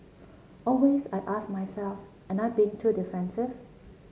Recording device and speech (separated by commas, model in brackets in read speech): mobile phone (Samsung C7), read sentence